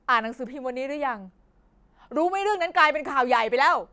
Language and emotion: Thai, angry